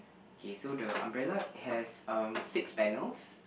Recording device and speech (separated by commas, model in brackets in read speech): boundary microphone, conversation in the same room